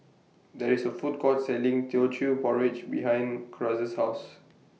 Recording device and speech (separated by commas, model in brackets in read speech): mobile phone (iPhone 6), read sentence